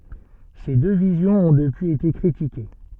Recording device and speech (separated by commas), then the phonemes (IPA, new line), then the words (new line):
soft in-ear microphone, read sentence
se dø vizjɔ̃z ɔ̃ dəpyiz ete kʁitike
Ces deux visions ont depuis été critiquées.